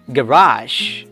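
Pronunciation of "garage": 'Garage' is said with the American English pronunciation.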